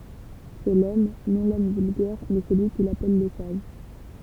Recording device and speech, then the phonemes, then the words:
temple vibration pickup, read sentence
sɛ lɔm nɔ̃ lɔm vylɡɛʁ mɛ səlyi kil apɛl lə saʒ
C'est l'homme, non l'homme vulgaire, mais celui qu'il appelle le sage.

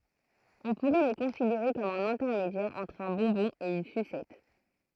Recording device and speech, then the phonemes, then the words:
throat microphone, read sentence
ɔ̃ puʁɛ lə kɔ̃sideʁe kɔm œ̃n ɛ̃tɛʁmedjɛʁ ɑ̃tʁ œ̃ bɔ̃bɔ̃ e yn sysɛt
On pourrait le considérer comme un intermédiaire entre un bonbon et une sucette.

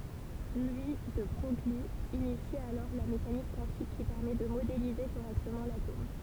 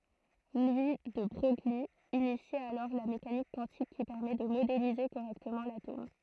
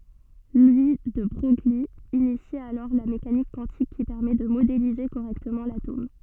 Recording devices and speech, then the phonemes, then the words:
temple vibration pickup, throat microphone, soft in-ear microphone, read sentence
lwi də bʁœj yi inisi alɔʁ la mekanik kwɑ̃tik ki pɛʁmɛ də modelize koʁɛktəmɑ̃ latom
Louis de Broglie initie alors la mécanique quantique qui permet de modéliser correctement l'atome.

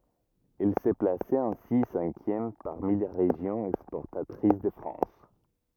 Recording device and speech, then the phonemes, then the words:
rigid in-ear microphone, read sentence
ɛl sə plasɛt ɛ̃si sɛ̃kjɛm paʁmi le ʁeʒjɔ̃z ɛkspɔʁtatʁis də fʁɑ̃s
Elle se plaçait ainsi cinquième parmi les régions exportatrices de France.

